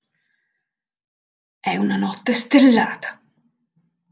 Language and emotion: Italian, surprised